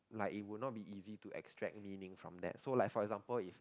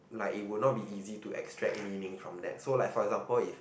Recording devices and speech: close-talking microphone, boundary microphone, conversation in the same room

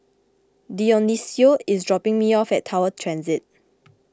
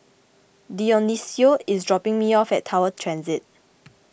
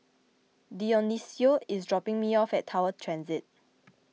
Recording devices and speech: close-talking microphone (WH20), boundary microphone (BM630), mobile phone (iPhone 6), read sentence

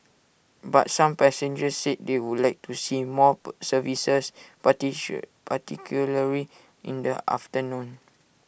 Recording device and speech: boundary microphone (BM630), read sentence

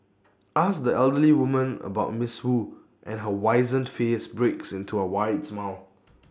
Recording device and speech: standing microphone (AKG C214), read sentence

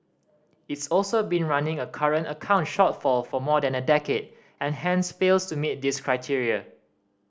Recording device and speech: standing microphone (AKG C214), read sentence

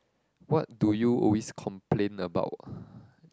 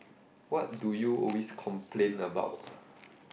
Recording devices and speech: close-talking microphone, boundary microphone, conversation in the same room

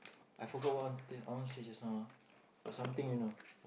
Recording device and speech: boundary microphone, conversation in the same room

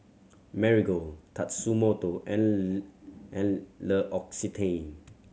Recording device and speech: mobile phone (Samsung C7100), read sentence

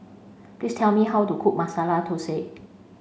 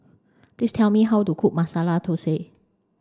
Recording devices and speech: mobile phone (Samsung C5), standing microphone (AKG C214), read sentence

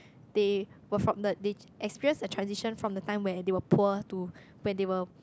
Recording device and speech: close-talking microphone, conversation in the same room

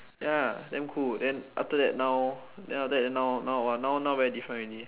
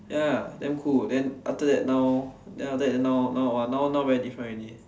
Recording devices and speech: telephone, standing microphone, conversation in separate rooms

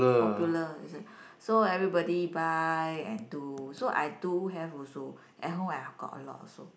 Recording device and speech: boundary microphone, conversation in the same room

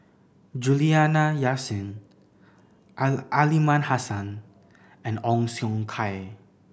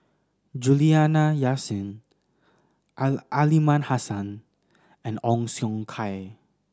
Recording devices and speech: boundary microphone (BM630), standing microphone (AKG C214), read sentence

